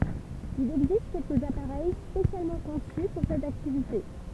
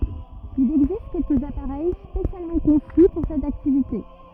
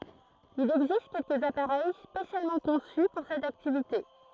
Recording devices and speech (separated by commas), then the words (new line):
temple vibration pickup, rigid in-ear microphone, throat microphone, read sentence
Il existe quelques appareils spécialement conçus pour cette activité.